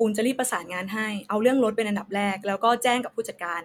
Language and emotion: Thai, neutral